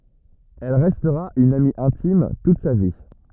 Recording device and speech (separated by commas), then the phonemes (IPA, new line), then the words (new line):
rigid in-ear microphone, read sentence
ɛl ʁɛstʁa yn ami ɛ̃tim tut sa vi
Elle restera une amie intime toute sa vie.